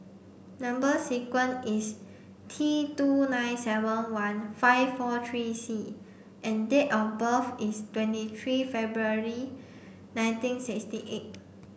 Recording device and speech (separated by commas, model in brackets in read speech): boundary microphone (BM630), read sentence